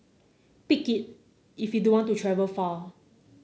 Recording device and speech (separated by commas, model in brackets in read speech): mobile phone (Samsung C9), read sentence